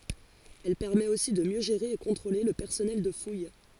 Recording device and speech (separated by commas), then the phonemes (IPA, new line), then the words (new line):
forehead accelerometer, read sentence
ɛl pɛʁmɛt osi də mjø ʒeʁe e kɔ̃tʁole lə pɛʁsɔnɛl də fuj
Elle permet aussi de mieux gérer et contrôler le personnel de fouille.